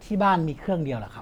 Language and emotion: Thai, neutral